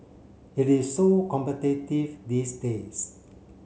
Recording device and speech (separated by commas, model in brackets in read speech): mobile phone (Samsung C7), read sentence